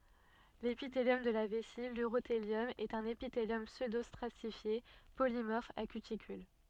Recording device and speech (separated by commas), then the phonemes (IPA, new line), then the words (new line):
soft in-ear microphone, read sentence
lepiteljɔm də la vɛsi lyʁoteljɔm ɛt œ̃n epiteljɔm psødostʁatifje polimɔʁf a kytikyl
L'épithélium de la vessie, l'urothélium, est un épithélium pseudostratifié polymorphe à cuticule.